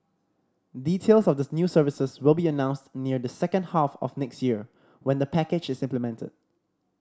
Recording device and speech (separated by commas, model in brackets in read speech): standing microphone (AKG C214), read sentence